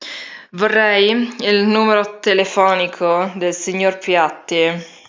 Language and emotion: Italian, disgusted